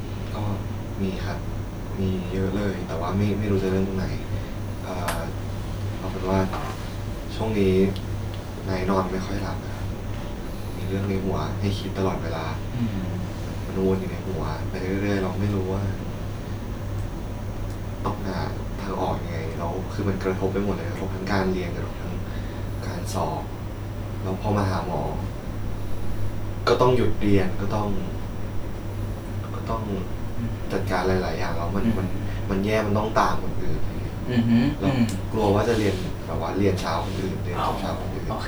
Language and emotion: Thai, frustrated